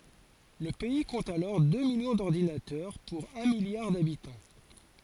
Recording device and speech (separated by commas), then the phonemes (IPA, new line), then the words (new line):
forehead accelerometer, read sentence
lə pɛi kɔ̃t alɔʁ dø miljɔ̃ dɔʁdinatœʁ puʁ œ̃ miljaʁ dabitɑ̃
Le pays compte alors deux millions d'ordinateurs pour un milliard d'habitants.